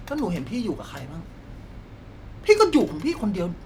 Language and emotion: Thai, frustrated